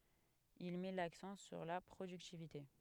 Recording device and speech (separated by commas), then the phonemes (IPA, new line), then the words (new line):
headset microphone, read sentence
il mɛ laksɑ̃ syʁ la pʁodyktivite
Il met l’accent sur la productivité.